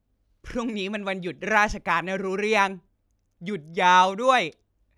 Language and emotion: Thai, happy